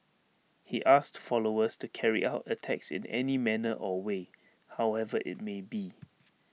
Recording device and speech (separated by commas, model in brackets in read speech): mobile phone (iPhone 6), read sentence